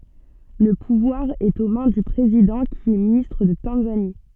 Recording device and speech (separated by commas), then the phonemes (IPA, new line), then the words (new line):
soft in-ear microphone, read sentence
lə puvwaʁ ɛt o mɛ̃ dy pʁezidɑ̃ ki ɛ ministʁ də tɑ̃zani
Le pouvoir est aux mains du président qui est ministre de Tanzanie.